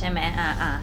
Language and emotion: Thai, neutral